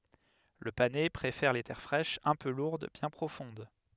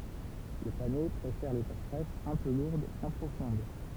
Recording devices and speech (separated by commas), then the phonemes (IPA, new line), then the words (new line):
headset microphone, temple vibration pickup, read sentence
lə panɛ pʁefɛʁ le tɛʁ fʁɛʃz œ̃ pø luʁd bjɛ̃ pʁofɔ̃d
Le panais préfère les terres fraîches, un peu lourdes, bien profondes.